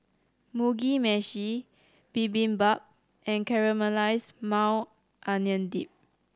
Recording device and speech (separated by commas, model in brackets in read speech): standing microphone (AKG C214), read sentence